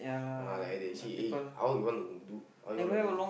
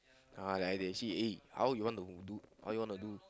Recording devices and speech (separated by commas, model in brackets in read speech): boundary microphone, close-talking microphone, conversation in the same room